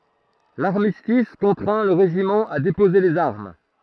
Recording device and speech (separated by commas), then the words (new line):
throat microphone, read sentence
L'armistice contraint le régiment à déposer les armes.